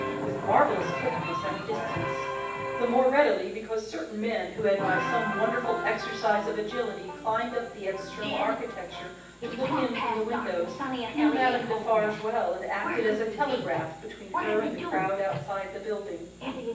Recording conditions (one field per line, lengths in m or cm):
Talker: one person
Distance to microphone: 9.8 m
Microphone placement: far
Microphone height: 1.8 m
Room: large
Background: television